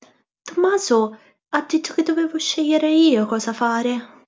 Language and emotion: Italian, fearful